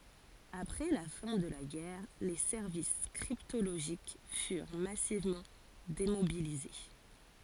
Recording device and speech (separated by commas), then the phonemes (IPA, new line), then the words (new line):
forehead accelerometer, read sentence
apʁɛ la fɛ̃ də la ɡɛʁ le sɛʁvis kʁiptoloʒik fyʁ masivmɑ̃ demobilize
Après la fin de la guerre, les services cryptologiques furent massivement démobilisés.